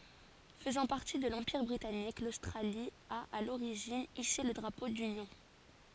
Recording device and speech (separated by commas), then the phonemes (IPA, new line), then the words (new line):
forehead accelerometer, read sentence
fəzɑ̃ paʁti də lɑ̃piʁ bʁitanik lostʁali a a loʁiʒin ise lə dʁapo dynjɔ̃
Faisant partie de l'Empire britannique, l'Australie a, à l'origine, hissé le Drapeau d'Union.